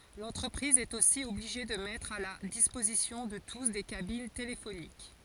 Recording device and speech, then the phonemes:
forehead accelerometer, read sentence
lɑ̃tʁəpʁiz ɛt osi ɔbliʒe də mɛtʁ a la dispozisjɔ̃ də tus de kabin telefonik

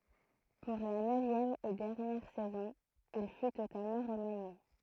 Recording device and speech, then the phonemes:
throat microphone, read sentence
puʁ la nøvjɛm e dɛʁnjɛʁ sɛzɔ̃ il fy totalmɑ̃ ʁəmanje

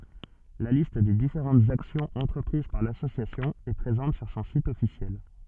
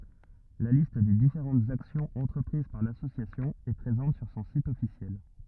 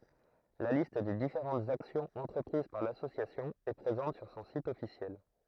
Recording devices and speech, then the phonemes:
soft in-ear microphone, rigid in-ear microphone, throat microphone, read sentence
la list de difeʁɑ̃tz aksjɔ̃z ɑ̃tʁəpʁiz paʁ lasosjasjɔ̃ ɛ pʁezɑ̃t syʁ sɔ̃ sit ɔfisjɛl

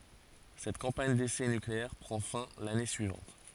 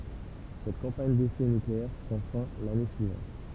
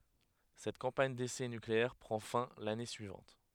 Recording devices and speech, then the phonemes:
forehead accelerometer, temple vibration pickup, headset microphone, read sentence
sɛt kɑ̃paɲ desɛ nykleɛʁ pʁɑ̃ fɛ̃ lane syivɑ̃t

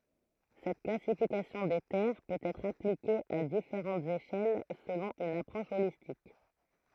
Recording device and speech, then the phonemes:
throat microphone, read sentence
sɛt klasifikasjɔ̃ de tɛʁ pøt ɛtʁ aplike a difeʁɑ̃tz eʃɛl səlɔ̃ yn apʁɔʃ olistik

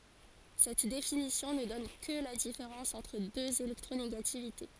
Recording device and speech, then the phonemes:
forehead accelerometer, read sentence
sɛt definisjɔ̃ nə dɔn kə la difeʁɑ̃s ɑ̃tʁ døz elɛktʁoneɡativite

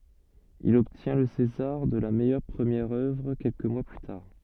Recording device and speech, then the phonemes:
soft in-ear microphone, read sentence
il ɔbtjɛ̃ lə sezaʁ də la mɛjœʁ pʁəmjɛʁ œvʁ kɛlkə mwa ply taʁ

